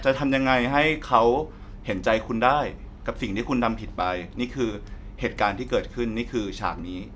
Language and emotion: Thai, neutral